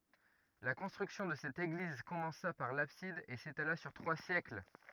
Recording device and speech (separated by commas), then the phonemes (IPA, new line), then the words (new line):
rigid in-ear microphone, read sentence
la kɔ̃stʁyksjɔ̃ də sɛt eɡliz kɔmɑ̃sa paʁ labsid e setala syʁ tʁwa sjɛkl
La construction de cette église commença par l'abside et s'étala sur trois siècles.